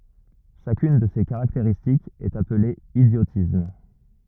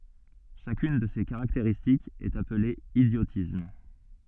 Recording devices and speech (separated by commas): rigid in-ear microphone, soft in-ear microphone, read sentence